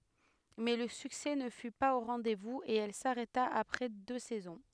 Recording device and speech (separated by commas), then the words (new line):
headset microphone, read sentence
Mais le succès ne fut pas au rendez-vous et elle s'arrêta après deux saisons.